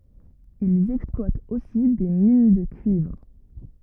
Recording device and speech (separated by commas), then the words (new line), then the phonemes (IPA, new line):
rigid in-ear microphone, read sentence
Ils exploitent aussi des mines de cuivre.
ilz ɛksplwatt osi de min də kyivʁ